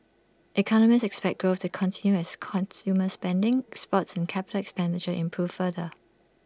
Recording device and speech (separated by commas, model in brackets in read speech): standing microphone (AKG C214), read sentence